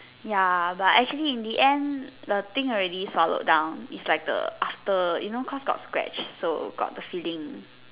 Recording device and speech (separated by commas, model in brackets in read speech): telephone, conversation in separate rooms